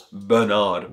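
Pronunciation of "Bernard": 'Bernard' is said with the American pronunciation, with both r sounds pronounced.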